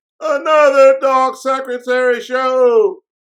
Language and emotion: English, sad